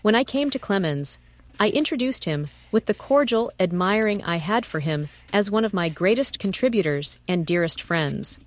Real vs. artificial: artificial